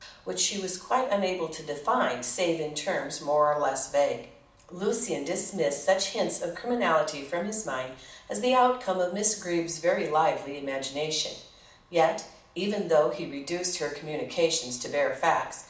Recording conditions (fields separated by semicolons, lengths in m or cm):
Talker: one person; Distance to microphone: 2.0 m; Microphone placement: close; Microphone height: 99 cm; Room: medium-sized (5.7 m by 4.0 m); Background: none